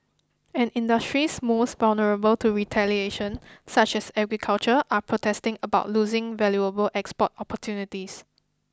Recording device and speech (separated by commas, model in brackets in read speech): close-talking microphone (WH20), read sentence